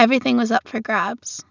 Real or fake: real